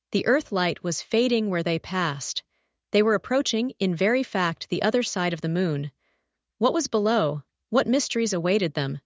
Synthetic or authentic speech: synthetic